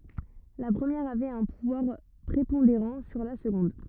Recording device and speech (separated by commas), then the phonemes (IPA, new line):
rigid in-ear microphone, read sentence
la pʁəmjɛʁ avɛt œ̃ puvwaʁ pʁepɔ̃deʁɑ̃ syʁ la səɡɔ̃d